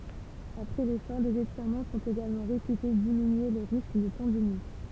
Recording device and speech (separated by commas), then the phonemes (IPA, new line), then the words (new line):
temple vibration pickup, read sentence
apʁɛ lefɔʁ dez etiʁmɑ̃ sɔ̃t eɡalmɑ̃ ʁepyte diminye lə ʁisk də tɑ̃dinit
Après l’effort, des étirements sont également réputés diminuer le risque de tendinite.